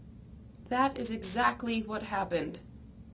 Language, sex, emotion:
English
female
sad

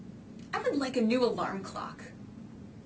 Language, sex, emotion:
English
female
neutral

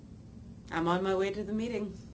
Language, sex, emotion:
English
female
neutral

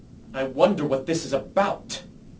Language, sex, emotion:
English
male
angry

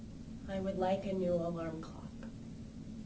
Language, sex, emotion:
English
female
neutral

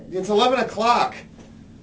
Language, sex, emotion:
English
male
angry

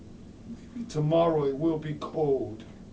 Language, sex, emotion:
English
male
sad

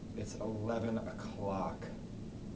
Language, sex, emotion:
English
male
disgusted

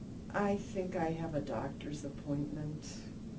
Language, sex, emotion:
English
female
sad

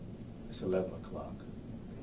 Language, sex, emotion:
English
male
neutral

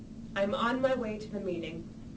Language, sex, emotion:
English
female
neutral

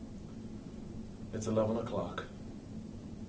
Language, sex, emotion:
English
male
neutral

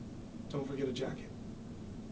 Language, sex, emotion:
English
male
neutral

